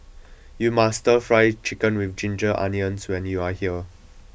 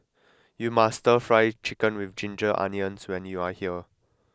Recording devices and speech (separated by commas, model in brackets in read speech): boundary microphone (BM630), close-talking microphone (WH20), read sentence